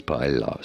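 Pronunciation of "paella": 'Paella' is said the English way, with the double L pronounced as an L sound, not as a Y sound.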